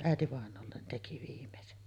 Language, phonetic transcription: Finnish, ä̀etivàeǹoollen̳§ teki viim̳§esen .
- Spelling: äitivainajalle teki viimeisen

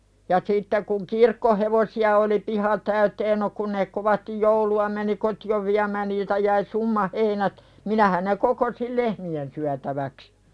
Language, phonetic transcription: Finnish, ja sitte kuŋ "kirkkohevosi₍a oli 'piha täyten no kun ne kovastij 'joulu₍a meni "koti₍ov viämään niiltä jäi "summa 'heinät , 'minähän ne 'kokosil "lehmi₍en syätäväks .
- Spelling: ja sitten kun kirkkohevosia oli piha täyteen no kun ne kovasti joulua meni kotiin viemään niiltä jäi summa heinät minähän ne kokosin lehmien syötäväksi

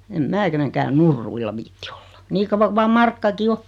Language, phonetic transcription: Finnish, em 'mää keneŋkään "nurruilla 'viitti ᴏʟʟᴀ , 'nii kavva ku 'vaa "markkaki 'o .
- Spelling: en minä kenenkään nurruilla viitsi olla niin kauan kuin vain markkakin on

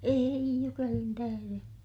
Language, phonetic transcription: Finnish, eij jukelin tähäre !
- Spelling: ei jukelin tähden

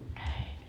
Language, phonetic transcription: Finnish, 'näin .
- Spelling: näin

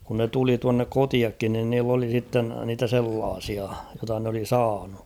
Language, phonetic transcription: Finnish, kun ne 'tuli tuannek "kotiakkin nin niill ‿oli sitten niitä 'sellaasia , jota n ‿oli "saanu .
- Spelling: kun ne tuli tuonne kotiakin niin niillä oli sitten niitä sellaisia jota ne oli saanut

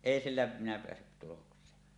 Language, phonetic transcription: Finnish, èi "sillä minä 'peässyt tuloks̀een .
- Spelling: ei sillä minä päässyt tulokseen

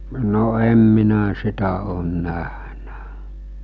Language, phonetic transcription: Finnish, no 'em minä 'sitä oon 'nähnä .
- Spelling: no en minä sitä ole nähnyt

